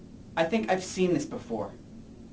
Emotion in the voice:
neutral